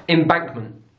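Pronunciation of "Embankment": In 'Embankment', the final T is dropped.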